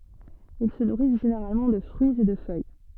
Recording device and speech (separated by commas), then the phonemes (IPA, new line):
soft in-ear microphone, read sentence
il sə nuʁis ʒeneʁalmɑ̃ də fʁyiz e də fœj